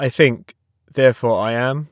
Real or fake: real